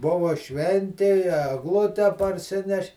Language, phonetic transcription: Lithuanian, ˈbuva ˈšventi i egˈlute parˈsineš'

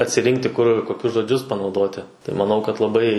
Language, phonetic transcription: Lithuanian, atsiˈrinkti kur koˈkius žoˈdžius panauˈdoti tai maˈnau kad laˈbai

